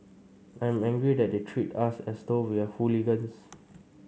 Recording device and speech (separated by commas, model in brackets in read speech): mobile phone (Samsung C5), read sentence